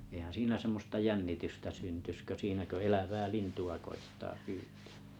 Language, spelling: Finnish, eihän siinä semmoista jännitystä syntyisi kuin siinä kun elävää lintua koettaa pyytää
- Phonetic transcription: eihän̬ siinä 'semmosta "jännitystä syntys kö 'siinä kö 'elävää "lintu₍a koittaa 'py̆ytᴀ̈ᴀ̈ .

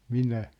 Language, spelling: Finnish, minä
- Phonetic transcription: » "minä . «

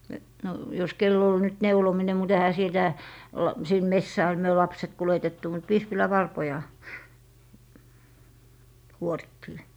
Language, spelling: Finnish, no jos kenellä oli nyt neulominen mutta eihän sitä - sinne metsään me lapset kuljetettu mutta vispilänvarpoja kuorittiin
- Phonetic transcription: no , jos 'kel'l ‿ol nyt 'neulomine mut 'ehä sitä , olla- , sin "messää , myö 'lapset "kuletettu mut , 'vispilävarpoja , 'kuorittii .

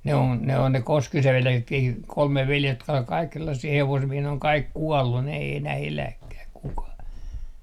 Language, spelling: Finnish, ne on ne on ne Koskisen veljeksetkin kolme veljestä jotka oli kaikki sellaisia hevosmiehiä ne on kaikki kuollut ne ei enää eläkään kukaan
- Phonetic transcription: 'ne on , 'ne on ne "Koskisev 'veljeksetkii , 'kolme veljest jotka ol 'kaik sellassii 'hevosmiehii ne oŋ 'kaik "kuɔllun ne ei enä"h ‿eläkkäh 'kukah .

